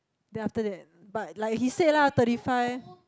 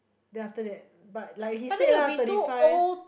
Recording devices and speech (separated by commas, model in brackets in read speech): close-talking microphone, boundary microphone, conversation in the same room